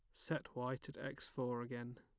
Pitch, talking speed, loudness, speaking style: 125 Hz, 200 wpm, -45 LUFS, plain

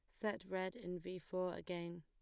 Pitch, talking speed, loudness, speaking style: 180 Hz, 200 wpm, -45 LUFS, plain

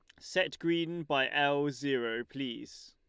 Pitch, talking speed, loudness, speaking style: 145 Hz, 135 wpm, -32 LUFS, Lombard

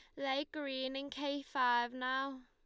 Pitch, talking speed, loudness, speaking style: 270 Hz, 160 wpm, -37 LUFS, Lombard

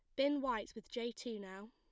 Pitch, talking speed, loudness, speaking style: 235 Hz, 235 wpm, -41 LUFS, plain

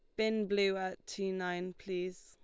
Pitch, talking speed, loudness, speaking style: 190 Hz, 175 wpm, -36 LUFS, Lombard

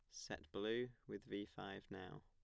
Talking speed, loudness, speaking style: 175 wpm, -49 LUFS, plain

